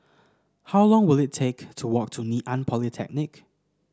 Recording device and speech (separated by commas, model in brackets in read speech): standing microphone (AKG C214), read sentence